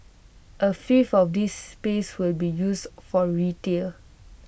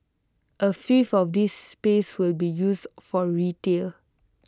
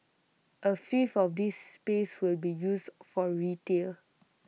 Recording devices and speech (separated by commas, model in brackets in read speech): boundary microphone (BM630), close-talking microphone (WH20), mobile phone (iPhone 6), read sentence